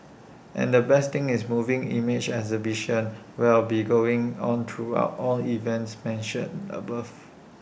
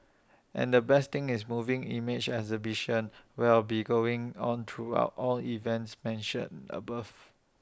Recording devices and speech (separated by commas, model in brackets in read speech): boundary microphone (BM630), standing microphone (AKG C214), read sentence